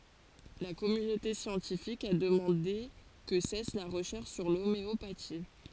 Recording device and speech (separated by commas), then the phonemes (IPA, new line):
forehead accelerometer, read sentence
la kɔmynote sjɑ̃tifik a dəmɑ̃de kə sɛs la ʁəʃɛʁʃ syʁ lomeopati